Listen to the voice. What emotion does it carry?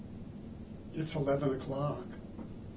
neutral